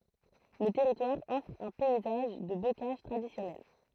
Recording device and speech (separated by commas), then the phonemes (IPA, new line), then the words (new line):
throat microphone, read sentence
lə tɛʁitwaʁ ɔfʁ œ̃ pɛizaʒ də bokaʒ tʁadisjɔnɛl
Le territoire offre un paysage de bocage traditionnel.